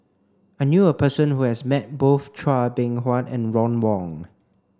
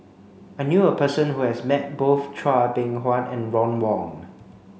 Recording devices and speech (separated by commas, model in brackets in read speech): standing microphone (AKG C214), mobile phone (Samsung C5), read sentence